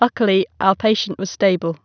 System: none